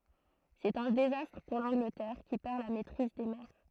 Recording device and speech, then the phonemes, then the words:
throat microphone, read sentence
sɛt œ̃ dezastʁ puʁ lɑ̃ɡlətɛʁ ki pɛʁ la mɛtʁiz de mɛʁ
C'est un désastre pour l'Angleterre, qui perd la maîtrise des mers.

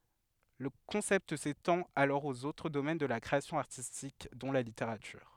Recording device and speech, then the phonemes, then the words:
headset microphone, read sentence
lə kɔ̃sɛpt setɑ̃t alɔʁ oz otʁ domɛn də la kʁeasjɔ̃ aʁtistik dɔ̃ la liteʁatyʁ
Le concept s'étend alors aux autres domaines de la création artistique, dont la littérature.

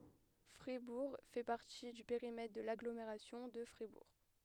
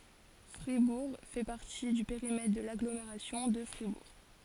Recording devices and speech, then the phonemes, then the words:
headset microphone, forehead accelerometer, read sentence
fʁibuʁ fɛ paʁti dy peʁimɛtʁ də laɡlomeʁasjɔ̃ də fʁibuʁ
Fribourg fait partie du périmètre de l'Agglomération de Fribourg.

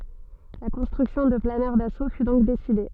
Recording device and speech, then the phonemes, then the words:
soft in-ear microphone, read sentence
la kɔ̃stʁyksjɔ̃ də planœʁ daso fy dɔ̃k deside
La construction de planeurs d'assaut fut donc décidée.

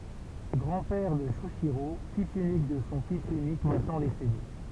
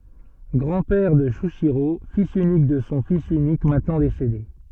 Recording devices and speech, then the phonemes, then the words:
temple vibration pickup, soft in-ear microphone, read sentence
ɡʁɑ̃ pɛʁ də ʃyiʃiʁo filz ynik də sɔ̃ fis ynik mɛ̃tnɑ̃ desede
Grand-père de Shuichirô, fils unique de son fils unique maintenant décédé.

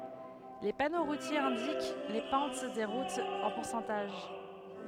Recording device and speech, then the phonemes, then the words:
headset microphone, read sentence
le pano ʁutjez ɛ̃dik le pɑ̃t de ʁutz ɑ̃ puʁsɑ̃taʒ
Les panneaux routiers indiquent les pentes des routes en pourcentage.

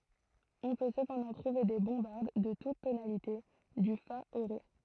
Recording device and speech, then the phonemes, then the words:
throat microphone, read sentence
ɔ̃ pø səpɑ̃dɑ̃ tʁuve de bɔ̃baʁd də tut tonalite dy fa o ʁe
On peut cependant trouver des bombardes de toutes tonalités, du fa au ré.

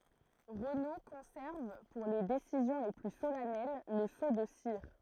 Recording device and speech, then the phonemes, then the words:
throat microphone, read sentence
ʁəno kɔ̃sɛʁv puʁ le desizjɔ̃ le ply solɛnɛl lə so də siʁ
Renaud conserve, pour les décisions les plus solennelles, le sceau de cire.

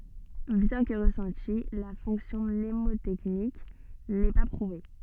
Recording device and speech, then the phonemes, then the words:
soft in-ear microphone, read sentence
bjɛ̃ kə ʁəsɑ̃ti la fɔ̃ksjɔ̃ mnemotɛknik nɛ pa pʁuve
Bien que ressentie, la fonction mnémotechnique n'est pas prouvée.

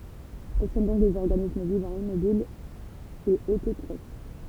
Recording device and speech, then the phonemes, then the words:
temple vibration pickup, read sentence
ɛl sɔ̃ dɔ̃k dez ɔʁɡanism vivɑ̃ immobil e ototʁof
Elles sont donc des organismes vivant immobile et autotrophes.

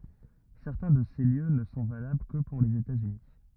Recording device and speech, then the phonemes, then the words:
rigid in-ear microphone, read sentence
sɛʁtɛ̃ də se ljø nə sɔ̃ valabl kə puʁ lez etatsyni
Certains de ces lieux ne sont valables que pour les États-Unis.

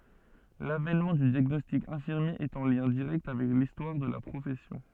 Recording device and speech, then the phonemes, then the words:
soft in-ear microphone, read sentence
lavɛnmɑ̃ dy djaɡnɔstik ɛ̃fiʁmje ɛt ɑ̃ ljɛ̃ diʁɛkt avɛk listwaʁ də la pʁofɛsjɔ̃
L'avènement du diagnostic infirmier est en lien direct avec l'histoire de la profession.

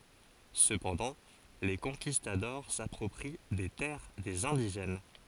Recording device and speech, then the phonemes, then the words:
forehead accelerometer, read sentence
səpɑ̃dɑ̃ le kɔ̃kistadɔʁ sapʁɔpʁi de tɛʁ dez ɛ̃diʒɛn
Cependant, les conquistadors s'approprient des terres des indigènes.

